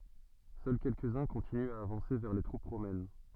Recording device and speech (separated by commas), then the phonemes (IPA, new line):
soft in-ear microphone, read sentence
sœl kɛlkəzœ̃ kɔ̃tinyt a avɑ̃se vɛʁ le tʁup ʁomɛn